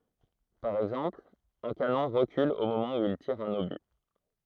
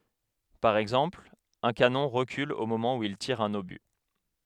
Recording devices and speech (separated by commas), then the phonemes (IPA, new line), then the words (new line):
throat microphone, headset microphone, read sentence
paʁ ɛɡzɑ̃pl œ̃ kanɔ̃ ʁəkyl o momɑ̃ u il tiʁ œ̃n oby
Par exemple, un canon recule au moment où il tire un obus.